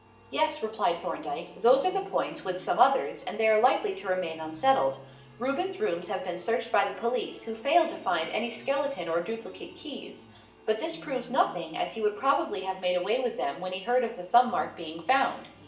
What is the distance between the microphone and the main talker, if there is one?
1.8 m.